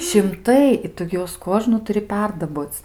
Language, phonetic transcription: Lithuanian, šimˈtai i ˈtu ˈjuos ˈkožnų tuˈri ˈperdaboc

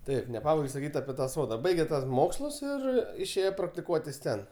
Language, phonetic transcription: Lithuanian, ˈtaip neˈpabaigio saˈkyt api ta ˈsoda ˈbaige tuos ˈmokslus ˈir išˈėje praktiˈkuotis ˈten

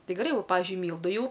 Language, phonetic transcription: Lithuanian, ˈtai geˈrai ˈvo ˈpavizdžiui ˈmyldu ˈjau

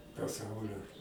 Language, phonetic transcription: Lithuanian, paˈsaulio

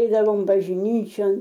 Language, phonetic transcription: Lithuanian, ˈeidavom bažˈnyčion

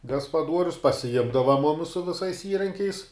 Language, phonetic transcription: Lithuanian, gaspaˈduorius pasiˈjimdava ˈmumis su viˈsais ˈįrankiais

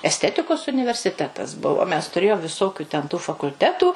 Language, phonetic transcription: Lithuanian, esˈtetikos universiˈtetas ˈbuvo mes tuˈrėjom viˈsokiu ten tų fakulˈtetų

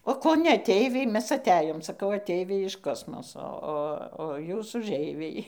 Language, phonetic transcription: Lithuanian, o ˈko ne aˈteiviai ˈmes aˈtejom saˈkau aˈteiviai iš ˈkosmoso ˈo o ˈjūs užˈeiviai

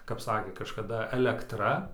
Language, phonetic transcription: Lithuanian, kap ˈsakė kažkaˈda eleˈktra

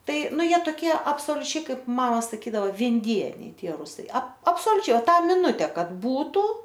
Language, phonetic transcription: Lithuanian, ˈtai ˈnu ˈjie toˈkie absoliuˈčiai ˈkaip ˈmama saˈkydava vinˈdieniai ˈtie ˈrusai ab absoliuˈčiai ˈtą miˈnute ˈkad ˈbūtų

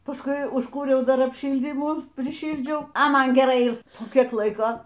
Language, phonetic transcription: Lithuanian, pasˈkui užˈkūriau ˈdar apˈšyldymų priˈšyldžiau a ˈman geˈrai ˈir po ˈkiek ˈlaiko

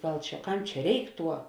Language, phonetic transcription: Lithuanian, ˈgal ˈčia ˈkam ˈčia ˈreik ˈtuo

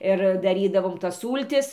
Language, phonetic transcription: Lithuanian, ir daˈrydavom tas ˈsūltis

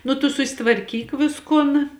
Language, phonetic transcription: Lithuanian, ˈnu tu susitvarˈkyk ˈviskun

